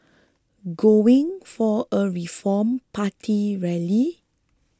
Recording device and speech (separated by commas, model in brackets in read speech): close-talking microphone (WH20), read sentence